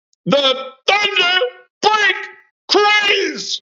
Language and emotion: English, neutral